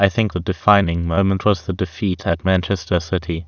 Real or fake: fake